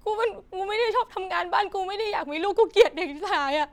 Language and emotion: Thai, sad